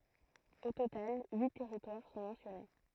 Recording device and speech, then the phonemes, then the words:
throat microphone, read sentence
o total yi tɛʁitwaʁ sɔ̃ mɑ̃sjɔne
Au total, huit territoires sont mentionnés.

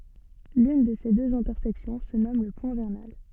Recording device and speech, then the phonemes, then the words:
soft in-ear microphone, read sentence
lyn də se døz ɛ̃tɛʁsɛksjɔ̃ sə nɔm lə pwɛ̃ vɛʁnal
L'une de ces deux intersections se nomme le point vernal.

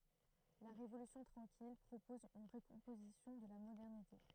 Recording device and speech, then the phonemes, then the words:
throat microphone, read sentence
la ʁevolysjɔ̃ tʁɑ̃kil pʁopɔz yn ʁəkɔ̃pozisjɔ̃ də la modɛʁnite
La Révolution tranquille propose une recomposition de la modernité.

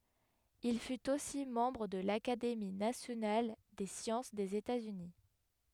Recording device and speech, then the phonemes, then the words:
headset microphone, read sentence
il fyt osi mɑ̃bʁ də lakademi nasjonal de sjɑ̃s dez etatsyni
Il fut aussi membre de l'Académie nationale des sciences des États-Unis.

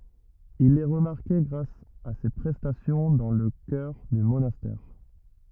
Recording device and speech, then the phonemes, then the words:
rigid in-ear microphone, read sentence
il ɛ ʁəmaʁke ɡʁas a se pʁɛstasjɔ̃ dɑ̃ lə kœʁ dy monastɛʁ
Il est remarqué grâce à ses prestations dans le chœur du monastère.

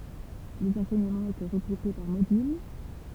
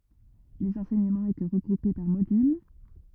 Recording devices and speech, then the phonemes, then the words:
temple vibration pickup, rigid in-ear microphone, read sentence
lez ɑ̃sɛɲəmɑ̃z etɛ ʁəɡʁupe paʁ modyl
Les enseignements étaient regroupés par modules.

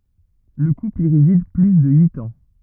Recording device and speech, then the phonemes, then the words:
rigid in-ear microphone, read sentence
lə kupl i ʁezid ply də yit ɑ̃
Le couple y réside plus de huit ans.

